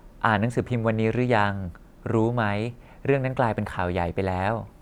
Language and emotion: Thai, neutral